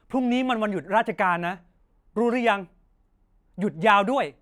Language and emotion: Thai, frustrated